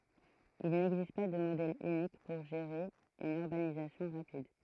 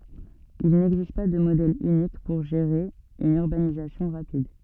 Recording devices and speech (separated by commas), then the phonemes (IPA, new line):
throat microphone, soft in-ear microphone, read sentence
il nɛɡzist pa də modɛl ynik puʁ ʒeʁe yn yʁbanizasjɔ̃ ʁapid